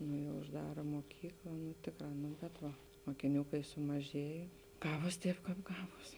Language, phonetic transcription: Lithuanian, nu jau užˈdara muoˈkykla nu ˈtėkˌrā nu bet ˈva mokiˈnių kai sumaˈžėja ˈgavos ˈtēp ˈkāp ˈgavos

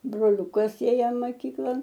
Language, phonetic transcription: Lithuanian, broˈliukas ˈėja maˈkyklan

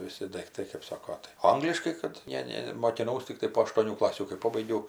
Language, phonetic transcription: Lithuanian, viˈsi daikˈtai kɜp ˈsako tai ˈangliškai ˈkad ˈne ˈne mokiˈnaus tikˈtai po aštuoˈnių ˈklasių kai ˈpobaigiau

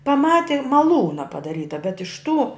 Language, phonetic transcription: Lithuanian, paˈmati maˈlūna padaˈryta bet iš tų

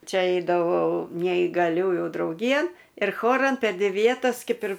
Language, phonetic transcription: Lithuanian, ˈčia ˈeidavau neįgaˈliųjų drauˈgyjan ir ˈchoran per ˈdvi ˈvietas ˈkep ir

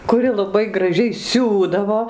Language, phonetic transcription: Lithuanian, kuˈri laˈbai graˈžiai ˈsiūdavo

